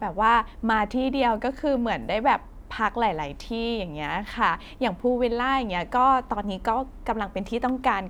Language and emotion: Thai, happy